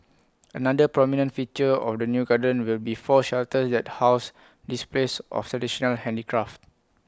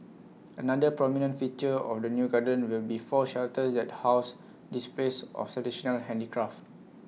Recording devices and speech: close-talking microphone (WH20), mobile phone (iPhone 6), read sentence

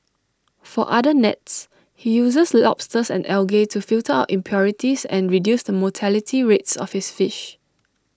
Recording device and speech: standing microphone (AKG C214), read sentence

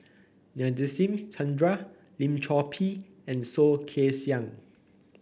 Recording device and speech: boundary microphone (BM630), read sentence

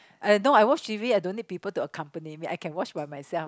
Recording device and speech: close-talking microphone, conversation in the same room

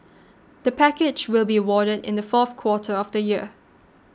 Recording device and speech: standing microphone (AKG C214), read sentence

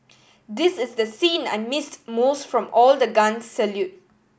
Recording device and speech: boundary microphone (BM630), read sentence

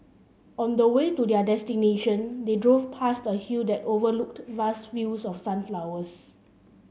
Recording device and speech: mobile phone (Samsung C7), read sentence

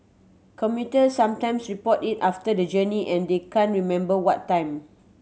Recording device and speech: mobile phone (Samsung C7100), read sentence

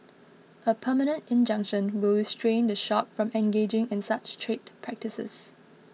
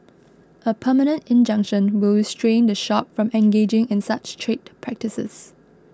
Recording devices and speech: mobile phone (iPhone 6), close-talking microphone (WH20), read sentence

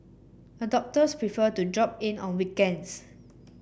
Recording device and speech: boundary microphone (BM630), read sentence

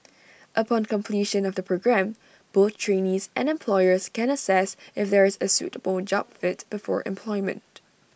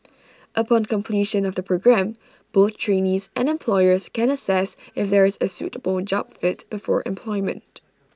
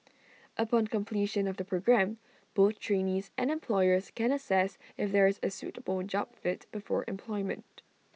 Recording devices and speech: boundary microphone (BM630), standing microphone (AKG C214), mobile phone (iPhone 6), read sentence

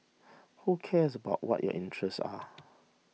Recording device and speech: mobile phone (iPhone 6), read sentence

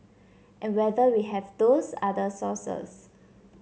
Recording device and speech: mobile phone (Samsung C7), read sentence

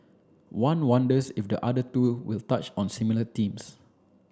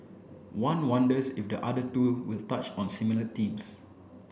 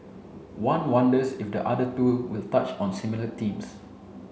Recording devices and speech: standing microphone (AKG C214), boundary microphone (BM630), mobile phone (Samsung C7), read sentence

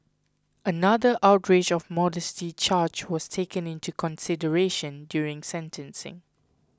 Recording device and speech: close-talking microphone (WH20), read sentence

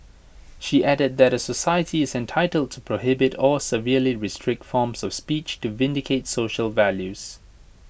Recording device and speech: boundary microphone (BM630), read sentence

